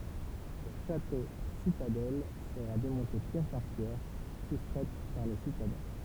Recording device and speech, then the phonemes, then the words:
temple vibration pickup, read sentence
lə ʃatositadɛl səʁa demɔ̃te pjɛʁ paʁ pjɛʁ sustʁɛt paʁ le sitadɛ̃
Le château-citadelle sera démonté pierre par pierre, soustraites par les citadins.

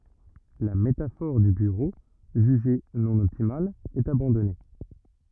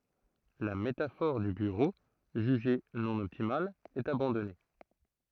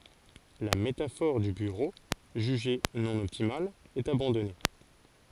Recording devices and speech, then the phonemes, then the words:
rigid in-ear microphone, throat microphone, forehead accelerometer, read sentence
la metafɔʁ dy byʁo ʒyʒe nɔ̃ ɔptimal ɛt abɑ̃dɔne
La métaphore du bureau, jugée non optimale, est abandonnée.

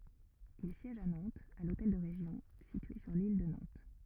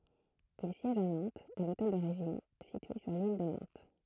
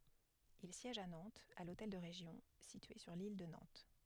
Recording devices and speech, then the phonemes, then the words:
rigid in-ear microphone, throat microphone, headset microphone, read sentence
il sjɛʒ a nɑ̃tz a lotɛl də ʁeʒjɔ̃ sitye syʁ lil də nɑ̃t
Il siège à Nantes, à l'hôtel de Région, situé sur l'île de Nantes.

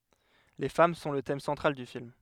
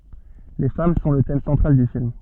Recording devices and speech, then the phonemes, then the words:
headset microphone, soft in-ear microphone, read sentence
le fam sɔ̃ lə tɛm sɑ̃tʁal dy film
Les femmes sont le thème central du film.

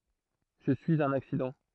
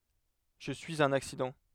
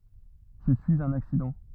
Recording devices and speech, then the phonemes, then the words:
throat microphone, headset microphone, rigid in-ear microphone, read sentence
ʒə syiz œ̃n aksidɑ̃
Je suis un accident.

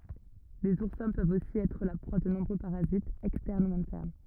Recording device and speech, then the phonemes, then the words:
rigid in-ear microphone, read sentence
lez uʁsɛ̃ pøvt osi ɛtʁ la pʁwa də nɔ̃bʁø paʁazitz ɛkstɛʁn u ɛ̃tɛʁn
Les oursins peuvent aussi être la proie de nombreux parasites, externes ou internes.

